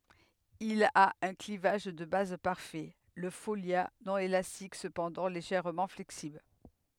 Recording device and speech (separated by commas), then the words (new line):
headset microphone, read sentence
Il a un clivage de base parfait, le folia non élastique cependant légèrement flexible.